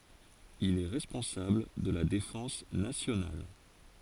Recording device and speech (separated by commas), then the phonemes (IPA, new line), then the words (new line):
forehead accelerometer, read sentence
il ɛ ʁɛspɔ̃sabl də la defɑ̃s nasjonal
Il est responsable de la défense nationale.